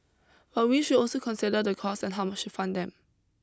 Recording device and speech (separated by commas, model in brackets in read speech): close-talking microphone (WH20), read sentence